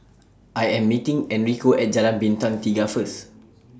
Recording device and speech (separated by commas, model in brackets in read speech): standing microphone (AKG C214), read sentence